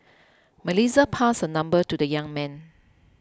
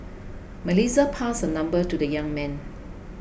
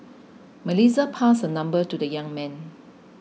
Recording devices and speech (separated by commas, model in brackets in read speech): close-talking microphone (WH20), boundary microphone (BM630), mobile phone (iPhone 6), read sentence